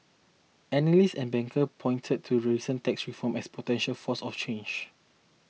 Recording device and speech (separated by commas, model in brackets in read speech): mobile phone (iPhone 6), read sentence